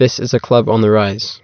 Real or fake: real